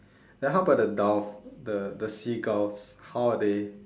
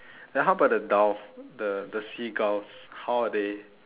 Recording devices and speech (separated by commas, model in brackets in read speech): standing microphone, telephone, conversation in separate rooms